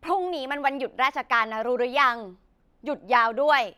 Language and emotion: Thai, angry